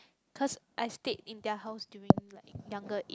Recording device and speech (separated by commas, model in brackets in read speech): close-talking microphone, conversation in the same room